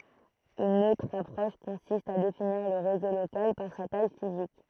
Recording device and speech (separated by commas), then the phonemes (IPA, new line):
throat microphone, read sentence
yn otʁ apʁɔʃ kɔ̃sist a definiʁ lə ʁezo lokal paʁ sa taj fizik